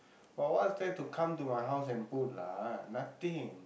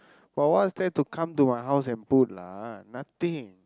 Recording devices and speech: boundary microphone, close-talking microphone, conversation in the same room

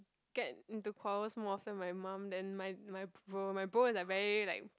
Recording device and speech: close-talking microphone, conversation in the same room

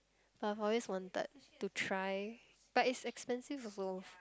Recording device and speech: close-talking microphone, conversation in the same room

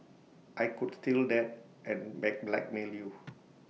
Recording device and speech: mobile phone (iPhone 6), read sentence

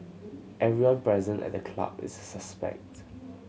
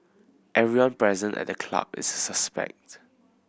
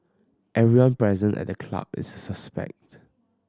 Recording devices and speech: mobile phone (Samsung C7100), boundary microphone (BM630), standing microphone (AKG C214), read sentence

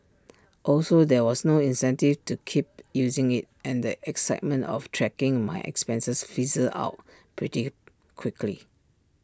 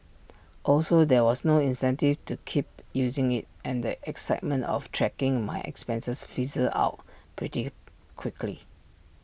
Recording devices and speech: standing microphone (AKG C214), boundary microphone (BM630), read sentence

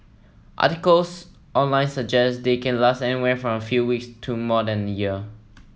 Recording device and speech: mobile phone (iPhone 7), read sentence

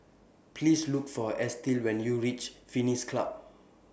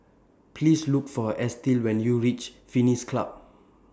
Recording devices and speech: boundary microphone (BM630), standing microphone (AKG C214), read sentence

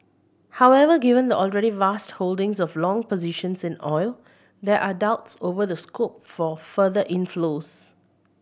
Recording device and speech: boundary microphone (BM630), read sentence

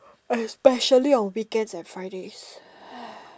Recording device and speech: standing microphone, conversation in separate rooms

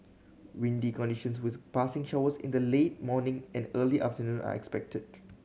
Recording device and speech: mobile phone (Samsung C7100), read sentence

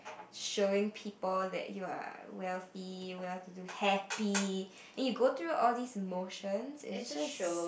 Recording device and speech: boundary microphone, conversation in the same room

